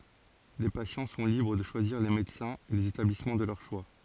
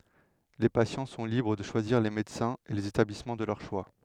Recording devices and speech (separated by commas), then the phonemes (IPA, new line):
forehead accelerometer, headset microphone, read sentence
le pasjɑ̃ sɔ̃ libʁ də ʃwaziʁ le medəsɛ̃z e lez etablismɑ̃ də lœʁ ʃwa